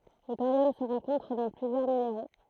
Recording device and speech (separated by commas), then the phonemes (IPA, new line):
throat microphone, read sentence
lə toʁjɔm sə ʁɑ̃kɔ̃tʁ dɑ̃ plyzjœʁ mineʁo